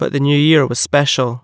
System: none